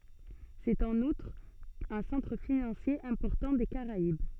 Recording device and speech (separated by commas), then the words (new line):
soft in-ear microphone, read sentence
C'est en outre un centre financier important des Caraïbes.